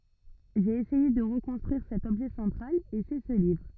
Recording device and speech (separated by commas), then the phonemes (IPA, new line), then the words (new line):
rigid in-ear microphone, read sentence
ʒe esɛje də ʁəkɔ̃stʁyiʁ sɛt ɔbʒɛ sɑ̃tʁal e sɛ sə livʁ
J'ai essayé de reconstruire cet objet central, et c'est ce livre.